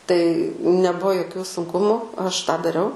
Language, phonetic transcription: Lithuanian, tai neˈbuo joˈkių sunˈkumu ˈaš tą daˈriau

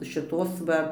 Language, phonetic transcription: Lithuanian, šiˈtos va

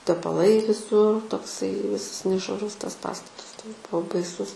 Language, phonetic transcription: Lithuanian, tepaˈlai viˈsur tokˈsai ˈvisas nešvaˈrus ˈtas ˈpastatas ˈtoks ˈbuvo baiˈsus

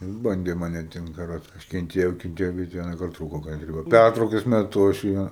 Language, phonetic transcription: Lithuanian, jis ˈbandė ˈman aˈtimt kaˈroče ˈaš kenˈtėjau kenˈtėjau bet ˈvienakart ˈtrūko kanˈtrybe ˈpærtraukas meˈtu aš ˈja

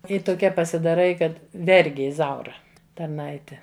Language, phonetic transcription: Lithuanian, i toˈkia pasidaˈrai ˈkad ˈvergi iˈzaura tarˈnaite

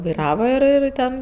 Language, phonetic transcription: Lithuanian, vaiˈrava ir ir ˈten

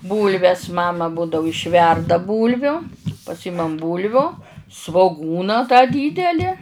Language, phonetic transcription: Lithuanian, ˈbūlves ˈmama ˈbūdau išˈverda ˈbūlviu paˈsymam ˈbūlviu svoˈgūna tą ˈdydeli

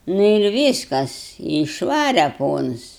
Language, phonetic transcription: Lithuanian, ˈnu ir ˈvyskas i išˈvare ˈpons

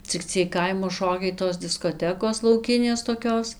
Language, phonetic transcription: Lithuanian, cik ˈciej ˈkaimo ˈšokiai tos diskoˈtekos lauˈkinės toˈkios

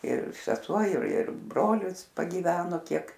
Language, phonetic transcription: Lithuanian, ir seˈsuo ir ir ˈbrolis pagyˈveno ˈkiek

